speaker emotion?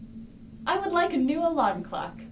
happy